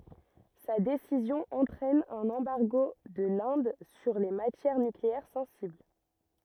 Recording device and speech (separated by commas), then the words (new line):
rigid in-ear microphone, read sentence
Sa décision entraîne un embargo de l'Inde sur les matières nucléaires sensibles.